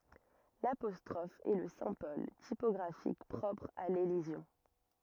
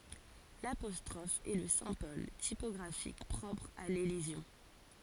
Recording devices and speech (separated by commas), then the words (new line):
rigid in-ear microphone, forehead accelerometer, read sentence
L’apostrophe est le symbole typographique propre à l’élision.